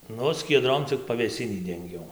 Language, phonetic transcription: Lithuanian, ˈnu skieˈdrom cik pavėˈsinį denˈgiau

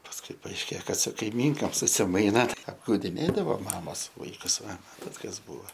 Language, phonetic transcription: Lithuanian, pasˈkui paaišˈkė ˈkad su kaiˈmynkom susiˈmaina apgaudiˈnėdavo ˈmamos ˈvaikus ˈva ˈmatat kas ˈbūva

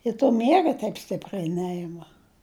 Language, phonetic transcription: Lithuanian, i to ˈmiega teip ˈstipriai ˈneima

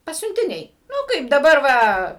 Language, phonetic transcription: Lithuanian, pasiuntiˈniai ˈnu ˈkaip daˈbar ˈva

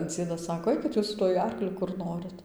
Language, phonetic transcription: Lithuanian, ˈdziedas ˈsako ˈaikit jus su ˈtuoj ˈarkliu kur ˈnorit

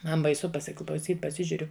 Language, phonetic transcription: Lithuanian, ˈman baiˈsu pasiklauˈsyt paˈsižiuriu

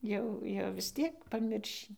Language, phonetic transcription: Lithuanian, ˈjau jau vis ˈtiek paˈmiršį

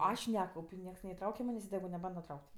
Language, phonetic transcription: Lithuanian, ˈaš ˈnekaup' i ˈnieks neiˈtrauke ˈmanės' i teˈgu neˈbanda ˈtrauk't'

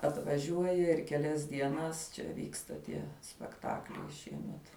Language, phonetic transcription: Lithuanian, atvaˈžiuoja ir keˈlias dieˈnas čia ˈvyksta tie spekˈtakliai ˈšiemet

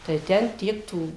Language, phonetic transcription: Lithuanian, tai ˈten ˈtiek ˈtų

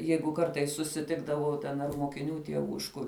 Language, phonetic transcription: Lithuanian, ˈjeigu ˈkartais susiˈtikdavau ten ar mokiˈnių tieˈvų iš ˈkur

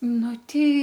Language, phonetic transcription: Lithuanian, ˈnu ˈtei

